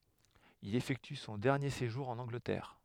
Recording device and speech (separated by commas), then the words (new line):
headset microphone, read sentence
Il effectue son dernier séjour en Angleterre.